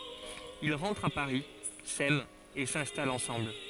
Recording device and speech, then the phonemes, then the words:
forehead accelerometer, read sentence
il ʁɑ̃tʁt a paʁi sɛmt e sɛ̃stalt ɑ̃sɑ̃bl
Ils rentrent à Paris, s'aiment et s'installent ensemble.

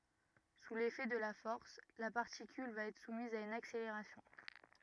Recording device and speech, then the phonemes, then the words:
rigid in-ear microphone, read sentence
su lefɛ də la fɔʁs la paʁtikyl va ɛtʁ sumiz a yn akseleʁasjɔ̃
Sous l'effet de la force, la particule va être soumise à une accélération.

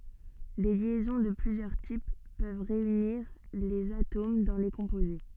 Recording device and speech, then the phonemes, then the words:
soft in-ear microphone, read sentence
de ljɛzɔ̃ də plyzjœʁ tip pøv ʁeyniʁ lez atom dɑ̃ le kɔ̃poze
Des liaisons de plusieurs types peuvent réunir les atomes dans les composés.

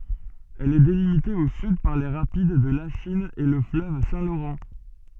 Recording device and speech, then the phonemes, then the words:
soft in-ear microphone, read sentence
ɛl ɛ delimite o syd paʁ le ʁapid də laʃin e lə fløv sɛ̃ loʁɑ̃
Elle est délimitée au sud par les rapides de Lachine et le fleuve Saint-Laurent.

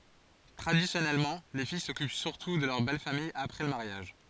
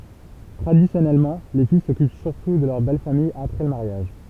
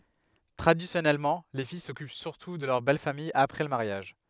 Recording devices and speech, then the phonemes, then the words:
forehead accelerometer, temple vibration pickup, headset microphone, read sentence
tʁadisjɔnɛlmɑ̃ le fij sɔkyp syʁtu də lœʁ bɛl famij apʁɛ lə maʁjaʒ
Traditionnellement, les filles s'occupent surtout de leur belle famille après le mariage.

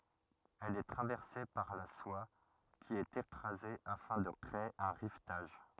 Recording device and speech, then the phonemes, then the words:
rigid in-ear microphone, read sentence
ɛl ɛ tʁavɛʁse paʁ la swa ki ɛt ekʁaze afɛ̃ də kʁee œ̃ ʁivtaʒ
Elle est traversée par la soie qui est écrasée afin de créer un rivetage.

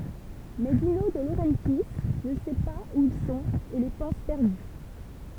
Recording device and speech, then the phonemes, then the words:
temple vibration pickup, read sentence
mɛ dino də loʁɑ̃tji nə sɛ paz u il sɔ̃t e le pɑ̃s pɛʁdy
Mais Dino De Laurentiis ne sait pas où ils sont et les pense perdus.

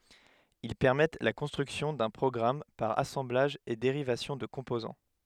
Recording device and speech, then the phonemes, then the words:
headset microphone, read sentence
il pɛʁmɛt la kɔ̃stʁyksjɔ̃ dœ̃ pʁɔɡʁam paʁ asɑ̃blaʒ e deʁivasjɔ̃ də kɔ̃pozɑ̃
Ils permettent la construction d'un programme par assemblage et dérivation de composants.

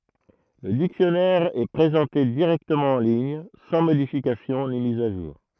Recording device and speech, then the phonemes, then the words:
throat microphone, read sentence
lə diksjɔnɛʁ ɛ pʁezɑ̃te diʁɛktəmɑ̃ ɑ̃ liɲ sɑ̃ modifikasjɔ̃ ni miz a ʒuʁ
Le dictionnaire est présenté directement en ligne, sans modification ni mise à jour.

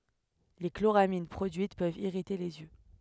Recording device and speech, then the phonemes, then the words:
headset microphone, read sentence
le kloʁamin pʁodyit pøvt iʁite lez jø
Les chloramines produites peuvent irriter les yeux.

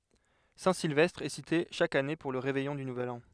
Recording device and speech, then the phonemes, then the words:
headset microphone, read sentence
sɛ̃tsilvɛstʁ ɛ site ʃak ane puʁ lə ʁevɛjɔ̃ dy nuvɛl ɑ̃
Saint-Sylvestre est cité chaque année pour le réveillon du nouvel an.

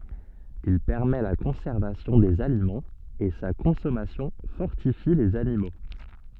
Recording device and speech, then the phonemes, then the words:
soft in-ear microphone, read sentence
il pɛʁmɛ la kɔ̃sɛʁvasjɔ̃ dez alimɑ̃z e sa kɔ̃sɔmasjɔ̃ fɔʁtifi lez animo
Il permet la conservation des aliments et sa consommation fortifie les animaux.

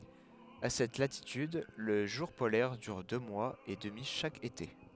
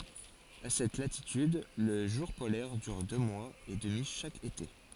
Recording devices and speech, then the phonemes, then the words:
headset microphone, forehead accelerometer, read sentence
a sɛt latityd lə ʒuʁ polɛʁ dyʁ dø mwaz e dəmi ʃak ete
À cette latitude, le jour polaire dure deux mois et demi chaque été.

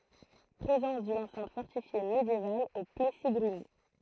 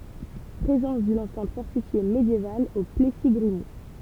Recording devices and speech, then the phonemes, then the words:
throat microphone, temple vibration pickup, read sentence
pʁezɑ̃s dyn ɑ̃sɛ̃t fɔʁtifje medjeval o plɛsi ɡʁimult
Présence d’une enceinte fortifiée médiévale au Plessis-Grimoult.

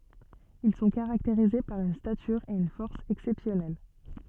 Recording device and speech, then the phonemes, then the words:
soft in-ear microphone, read sentence
il sɔ̃ kaʁakteʁize paʁ yn statyʁ e yn fɔʁs ɛksɛpsjɔnɛl
Ils sont caractérisés par une stature et une force exceptionnelle.

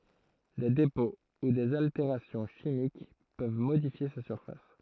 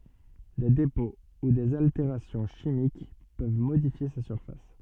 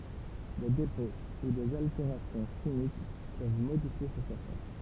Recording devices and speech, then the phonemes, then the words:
throat microphone, soft in-ear microphone, temple vibration pickup, read sentence
de depɔ̃ u dez alteʁasjɔ̃ ʃimik pøv modifje sa syʁfas
Des dépôts ou des altérations chimiques peuvent modifier sa surface.

